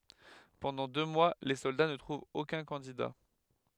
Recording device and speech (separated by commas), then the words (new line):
headset microphone, read sentence
Pendant deux mois, les soldats ne trouvent aucun candidat.